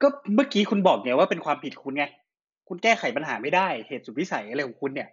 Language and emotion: Thai, frustrated